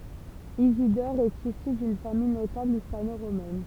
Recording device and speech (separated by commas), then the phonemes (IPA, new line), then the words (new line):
temple vibration pickup, read sentence
izidɔʁ ɛt isy dyn famij notabl ispanoʁomɛn
Isidore est issu d'une famille notable hispano-romaine.